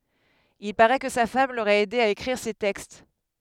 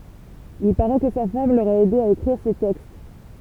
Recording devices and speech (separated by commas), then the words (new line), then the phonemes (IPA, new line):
headset microphone, temple vibration pickup, read sentence
Il parait que sa femme l'aurait aidé à écrire ses textes.
il paʁɛ kə sa fam loʁɛt ɛde a ekʁiʁ se tɛkst